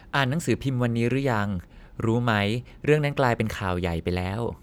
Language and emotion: Thai, neutral